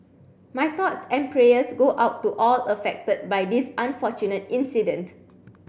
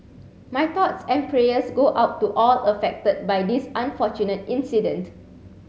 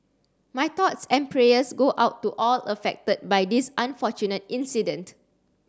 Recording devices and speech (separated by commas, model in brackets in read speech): boundary microphone (BM630), mobile phone (Samsung C7), standing microphone (AKG C214), read sentence